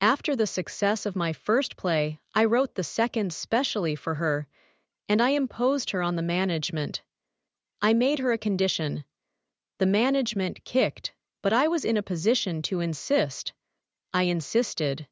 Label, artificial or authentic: artificial